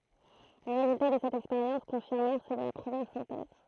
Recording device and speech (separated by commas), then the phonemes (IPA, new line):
throat microphone, read sentence
le ʁezylta də sɛt ɛkspeʁjɑ̃s kɔ̃fiʁmɛʁ sø də la pʁəmjɛʁ sɛ̃tɛz